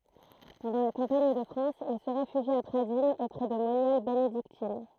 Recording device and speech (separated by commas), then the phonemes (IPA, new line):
throat microphone, read sentence
pɑ̃dɑ̃ la kɑ̃paɲ də fʁɑ̃s il sə ʁefyʒi a pʁadinz opʁɛ də monjal benediktin